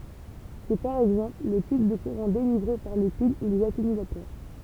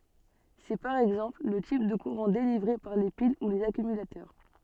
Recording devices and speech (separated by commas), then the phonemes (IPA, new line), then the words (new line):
temple vibration pickup, soft in-ear microphone, read sentence
sɛ paʁ ɛɡzɑ̃pl lə tip də kuʁɑ̃ delivʁe paʁ le pil u lez akymylatœʁ
C'est, par exemple, le type de courant délivré par les piles ou les accumulateurs.